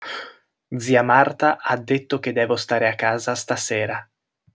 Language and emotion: Italian, neutral